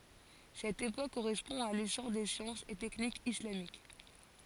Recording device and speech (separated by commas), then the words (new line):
forehead accelerometer, read sentence
Cette époque correspond à l'essor des sciences et techniques islamiques.